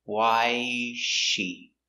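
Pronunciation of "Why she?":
In 'why is she', the words are run together, so the s sound of 'is' is not heard.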